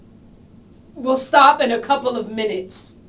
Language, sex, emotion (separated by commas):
English, female, angry